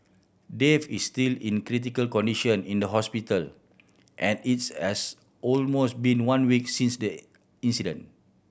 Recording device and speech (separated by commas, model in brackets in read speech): boundary microphone (BM630), read sentence